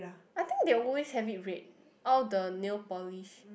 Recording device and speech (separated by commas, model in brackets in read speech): boundary microphone, conversation in the same room